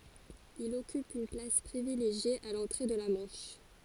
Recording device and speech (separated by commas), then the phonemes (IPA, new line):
forehead accelerometer, read sentence
il ɔkyp yn plas pʁivileʒje a lɑ̃tʁe də la mɑ̃ʃ